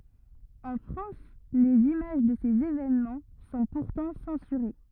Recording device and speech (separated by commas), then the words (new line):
rigid in-ear microphone, read sentence
En France, les images de ces événements sont pourtant censurées.